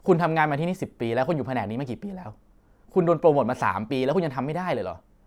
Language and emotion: Thai, frustrated